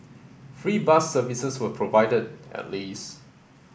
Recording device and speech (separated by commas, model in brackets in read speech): boundary microphone (BM630), read sentence